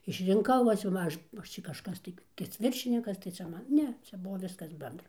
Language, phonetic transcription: Lithuanian, išrinˈkau ˈva čia ˈmažu va ˈaš čia kažˈkas tai tai cia ˈviršinikas tai ˈčia ˈman ˈne ˈčia ˈbuo ˈviskas ˈbendra

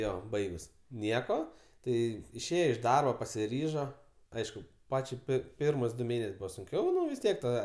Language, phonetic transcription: Lithuanian, ˈjo ˈbaigus ˈnieko ˈtai išˈėjo iš ˈdarbo pasiˈryžo ˈaišku ˈpačiai ˈpir ˈpirmus du ˈmėnes' ˈbūva sunˈkiau vis ˈtiek ta

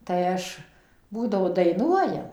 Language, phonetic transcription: Lithuanian, tai ˈaš ˈbūdavo daiˈnuojam

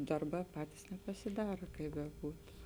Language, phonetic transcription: Lithuanian, ˈdarˌbā ˈpatis nepasiˈdara ˈkai beˈbūtu

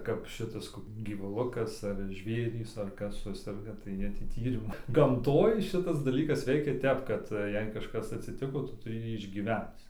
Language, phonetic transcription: Lithuanian, kap ˈšitas ˈkok gyvuˈlukas ar ˈžvėrys ar ˈkas ˈsuserga tai ˈjie tį ˈtyrimu gamˈtoj ˈšitas daˈlykas ˈveikia ˈtep kad ˈjei kažˈkas atsiˈtiko ˈtu tuˈri ˈjį išgyˈvenc

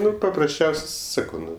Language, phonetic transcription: Lithuanian, ˈnu paprasˈčiaus' ˈsakau ˈnu

